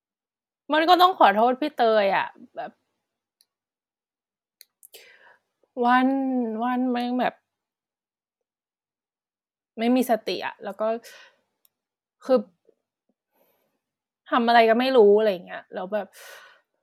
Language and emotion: Thai, sad